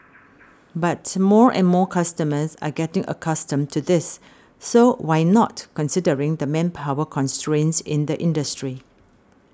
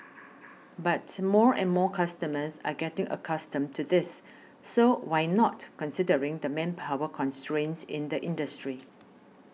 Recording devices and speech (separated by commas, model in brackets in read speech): standing microphone (AKG C214), mobile phone (iPhone 6), read sentence